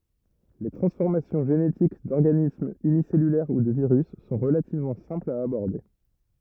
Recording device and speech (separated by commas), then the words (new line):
rigid in-ear microphone, read sentence
Les transformations génétiques d'organismes unicellulaires ou de virus sont relativement simples à aborder.